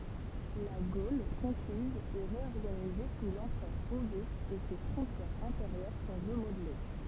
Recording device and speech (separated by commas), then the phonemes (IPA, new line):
temple vibration pickup, read sentence
la ɡol kɔ̃kiz ɛ ʁeɔʁɡanize su lɑ̃pʁœʁ oɡyst e se fʁɔ̃tjɛʁz ɛ̃teʁjœʁ sɔ̃ ʁəmodle